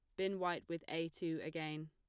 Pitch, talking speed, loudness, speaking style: 165 Hz, 215 wpm, -42 LUFS, plain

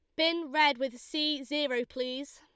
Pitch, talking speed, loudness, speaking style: 290 Hz, 165 wpm, -30 LUFS, Lombard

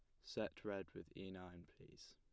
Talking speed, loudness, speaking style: 190 wpm, -51 LUFS, plain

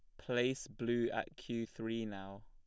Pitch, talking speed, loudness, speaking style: 115 Hz, 160 wpm, -39 LUFS, plain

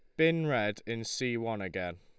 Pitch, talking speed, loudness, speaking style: 115 Hz, 200 wpm, -32 LUFS, Lombard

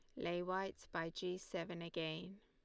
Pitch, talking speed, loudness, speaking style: 175 Hz, 165 wpm, -44 LUFS, Lombard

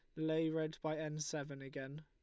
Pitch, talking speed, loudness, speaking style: 155 Hz, 195 wpm, -41 LUFS, Lombard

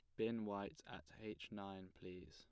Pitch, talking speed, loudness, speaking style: 100 Hz, 170 wpm, -49 LUFS, plain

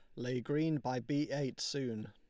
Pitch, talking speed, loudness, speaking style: 135 Hz, 190 wpm, -37 LUFS, Lombard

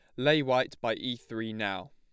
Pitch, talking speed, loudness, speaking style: 120 Hz, 210 wpm, -30 LUFS, plain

